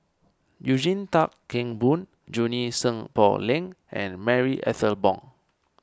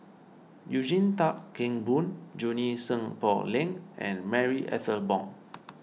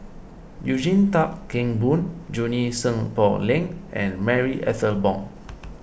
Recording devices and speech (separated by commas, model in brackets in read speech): standing microphone (AKG C214), mobile phone (iPhone 6), boundary microphone (BM630), read sentence